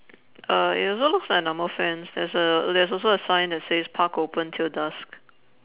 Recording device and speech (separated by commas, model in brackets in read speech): telephone, conversation in separate rooms